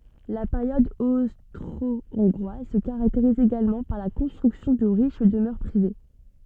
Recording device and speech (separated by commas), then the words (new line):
soft in-ear microphone, read sentence
La période austro-hongroise se caractérise également par la construction de riches demeures privées.